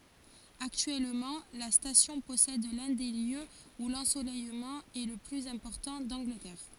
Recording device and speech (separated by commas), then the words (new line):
forehead accelerometer, read sentence
Actuellement, la station possède l'un des lieux où l'ensoleillement est le plus important d'Angleterre.